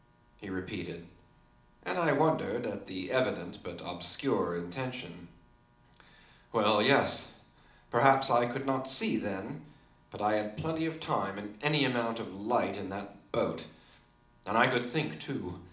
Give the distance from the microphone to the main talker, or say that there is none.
2.0 m.